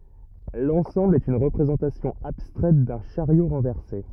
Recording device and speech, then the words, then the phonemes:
rigid in-ear microphone, read sentence
L'ensemble est une représentation abstraite d'un chariot renversé.
lɑ̃sɑ̃bl ɛt yn ʁəpʁezɑ̃tasjɔ̃ abstʁɛt dœ̃ ʃaʁjo ʁɑ̃vɛʁse

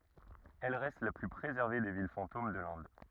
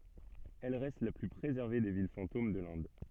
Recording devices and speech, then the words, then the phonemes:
rigid in-ear microphone, soft in-ear microphone, read sentence
Elle reste la plus préservée des villes fantômes de l'Inde.
ɛl ʁɛst la ply pʁezɛʁve de vil fɑ̃tom də lɛ̃d

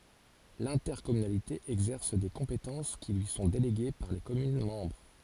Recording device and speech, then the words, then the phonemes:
forehead accelerometer, read sentence
L'intercommunalité exerce des compétences qui lui sont déléguées par les communes membres.
lɛ̃tɛʁkɔmynalite ɛɡzɛʁs de kɔ̃petɑ̃s ki lyi sɔ̃ deleɡe paʁ le kɔmyn mɑ̃bʁ

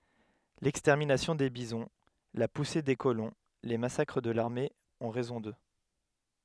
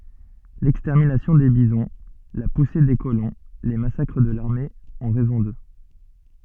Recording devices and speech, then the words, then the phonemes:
headset microphone, soft in-ear microphone, read sentence
L'extermination des bisons, la poussée des colons, les massacres de l'armée ont raison d'eux.
lɛkstɛʁminasjɔ̃ de bizɔ̃ la puse de kolɔ̃ le masakʁ də laʁme ɔ̃ ʁɛzɔ̃ dø

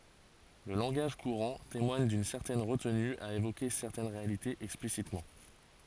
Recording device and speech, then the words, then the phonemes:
forehead accelerometer, read sentence
Le langage courant témoigne d'une certaine retenue à évoquer certaines réalités explicitement.
lə lɑ̃ɡaʒ kuʁɑ̃ temwaɲ dyn sɛʁtɛn ʁətny a evoke sɛʁtɛn ʁealitez ɛksplisitmɑ̃

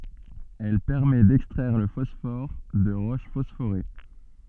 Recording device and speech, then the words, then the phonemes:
soft in-ear microphone, read sentence
Elle permet d’extraire le phosphore de roches phosphorées.
ɛl pɛʁmɛ dɛkstʁɛʁ lə fɔsfɔʁ də ʁoʃ fɔsfoʁe

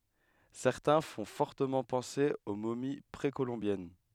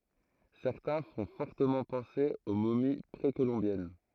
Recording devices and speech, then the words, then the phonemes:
headset microphone, throat microphone, read sentence
Certains font fortement penser aux momies précolombiennes.
sɛʁtɛ̃ fɔ̃ fɔʁtəmɑ̃ pɑ̃se o momi pʁekolɔ̃bjɛn

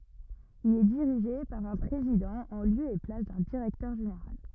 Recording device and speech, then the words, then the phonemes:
rigid in-ear microphone, read sentence
Il est dirigé par un président en lieu et place d'un directeur général.
il ɛ diʁiʒe paʁ œ̃ pʁezidɑ̃ ɑ̃ ljø e plas dœ̃ diʁɛktœʁ ʒeneʁal

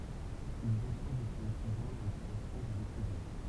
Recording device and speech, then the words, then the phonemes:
temple vibration pickup, read sentence
Ils assoient définitivement la réputation de l'écrivain.
ilz aswa definitivmɑ̃ la ʁepytasjɔ̃ də lekʁivɛ̃

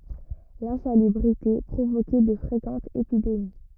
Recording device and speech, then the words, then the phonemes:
rigid in-ear microphone, read sentence
L'insalubrité provoquait de fréquentes épidémies.
lɛ̃salybʁite pʁovokɛ də fʁekɑ̃tz epidemi

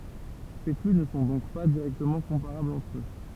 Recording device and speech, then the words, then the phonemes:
temple vibration pickup, read sentence
Ces flux ne sont donc pas directement comparables entre eux.
se fly nə sɔ̃ dɔ̃k pa diʁɛktəmɑ̃ kɔ̃paʁablz ɑ̃tʁ ø

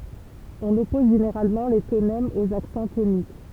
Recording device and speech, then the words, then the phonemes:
temple vibration pickup, read sentence
On oppose généralement les tonèmes aux accents toniques.
ɔ̃n ɔpɔz ʒeneʁalmɑ̃ le tonɛmz oz aksɑ̃ tonik

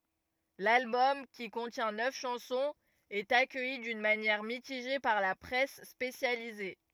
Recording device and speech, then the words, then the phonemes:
rigid in-ear microphone, read sentence
L'album, qui contient neuf chansons, est accueilli d'une manière mitigée par la presse spécialisée.
lalbɔm ki kɔ̃tjɛ̃ nœf ʃɑ̃sɔ̃z ɛt akœji dyn manjɛʁ mitiʒe paʁ la pʁɛs spesjalize

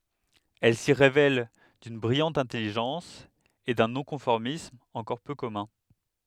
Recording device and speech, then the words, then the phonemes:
headset microphone, read sentence
Elle s'y révèle d'une brillante intelligence et d'un non-conformisme encore peu commun.
ɛl si ʁevɛl dyn bʁijɑ̃t ɛ̃tɛliʒɑ̃s e dœ̃ nɔ̃kɔ̃fɔʁmism ɑ̃kɔʁ pø kɔmœ̃

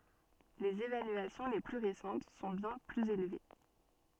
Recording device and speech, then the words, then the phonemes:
soft in-ear microphone, read sentence
Les évaluations les plus récentes sont bien plus élevées.
lez evalyasjɔ̃ le ply ʁesɑ̃t sɔ̃ bjɛ̃ plyz elve

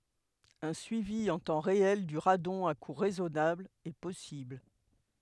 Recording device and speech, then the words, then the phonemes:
headset microphone, read sentence
Un suivi en temps réel du radon à coût raisonnable est possible.
œ̃ syivi ɑ̃ tɑ̃ ʁeɛl dy ʁadɔ̃ a ku ʁɛzɔnabl ɛ pɔsibl

